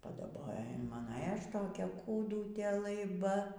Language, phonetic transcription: Lithuanian, padaˈbojo in ˈmano ė ˈaš toˈkia kūˈdutė laiˈba

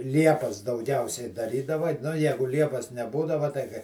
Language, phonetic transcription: Lithuanian, ˈliepas dauˈgiausiai daˈrydava nu ˈjegu ˈliepas neˈbūdava tai kai

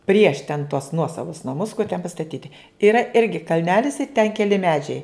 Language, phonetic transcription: Lithuanian, prieš ten tuos ˈnuosavus naˈmus kur ten pastaˈtyti iˈra ˈirgi kalˈnelis i ten keˈli ˈmedžiai

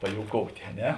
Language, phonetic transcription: Lithuanian, pajouˈkoutė a ˈne

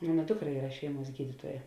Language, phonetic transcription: Lithuanian, ˈmona ˈdukˌra ˈyra ˈšeiˌmuos ˈgydituoja

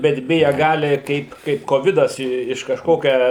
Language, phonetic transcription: Lithuanian, bet ˈbija ˈgali ˈkaip ˈkaip koˈvidas i iš kažˈkokia

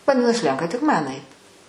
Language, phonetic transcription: Lithuanian, vaˈdinas ˈlenka tik ˈman ˈait

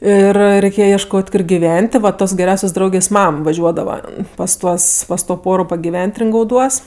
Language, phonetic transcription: Lithuanian, ˈir reiˈkėje iešˈkot' ˈkor giˈven't' ti va ˈtos geˈriausios ˈdraugės ˈmam vaˈžiuodava pas ˈtuos pas to ˈporo pagiˈven't' ringauˈduos

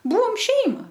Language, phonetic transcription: Lithuanian, ˈbūvom ˈšeima

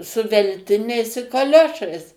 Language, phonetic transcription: Lithuanian, su velˈtiniais i kaˈliošais

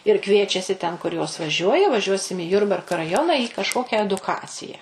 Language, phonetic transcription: Lithuanian, ir ˈkviečiasi ten kur jos vaˈžiuoja vaˈžiuosim į ˈjurbarka raˈjona į kažˈkokia eduˈkacija

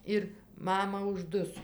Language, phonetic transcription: Lithuanian, ˈir ˈmama užˈduso

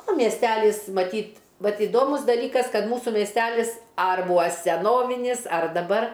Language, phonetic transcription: Lithuanian, o miesˈtælys maˈtyt ˈvat iˈdomus daˈlykas ˈkad ˈmūsų miesˈtælis ar ˈbūa seˈnovinys ar daˈbar

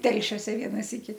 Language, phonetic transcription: Lithuanian, ˈtelšiose ˈviena ˈsyki

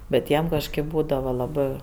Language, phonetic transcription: Lithuanian, ˈbet ˈjiem kažˈkɜp ˈbūdava laˈbɜ

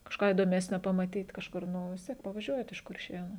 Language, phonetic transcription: Lithuanian, kažˈką įdoˈmesnio pamaˈtyt kažˈkur ˈnu vis ˈtiek pavaˈžiuojat iš kurˈšėnų

